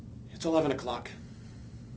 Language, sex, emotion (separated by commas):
English, male, neutral